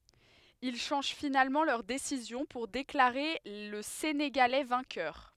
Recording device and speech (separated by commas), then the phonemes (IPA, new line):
headset microphone, read sentence
il ʃɑ̃ʒ finalmɑ̃ lœʁ desizjɔ̃ puʁ deklaʁe lə seneɡalɛ vɛ̃kœʁ